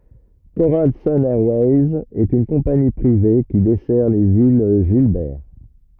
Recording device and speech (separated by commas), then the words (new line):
rigid in-ear microphone, read sentence
Coral Sun Airways est une compagnie privée qui dessert les îles Gilbert.